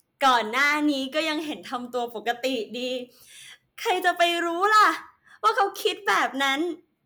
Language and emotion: Thai, happy